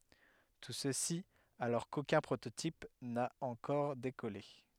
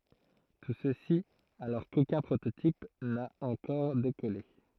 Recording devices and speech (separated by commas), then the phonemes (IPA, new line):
headset microphone, throat microphone, read sentence
tu səsi alɔʁ kokœ̃ pʁototip na ɑ̃kɔʁ dekɔle